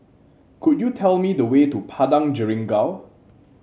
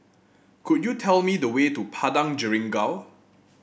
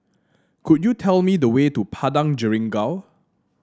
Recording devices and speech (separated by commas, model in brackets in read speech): mobile phone (Samsung C7), boundary microphone (BM630), standing microphone (AKG C214), read sentence